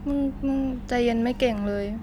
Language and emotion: Thai, neutral